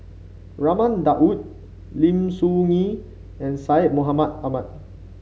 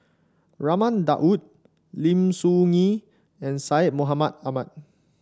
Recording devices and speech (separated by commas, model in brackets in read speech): mobile phone (Samsung C5), standing microphone (AKG C214), read sentence